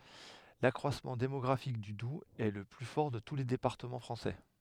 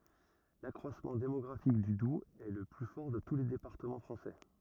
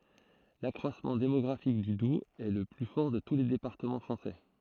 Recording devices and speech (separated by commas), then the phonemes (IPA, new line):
headset microphone, rigid in-ear microphone, throat microphone, read sentence
lakʁwasmɑ̃ demɔɡʁafik dy dubz ɛ lə ply fɔʁ də tu le depaʁtəmɑ̃ fʁɑ̃sɛ